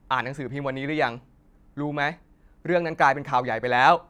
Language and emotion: Thai, frustrated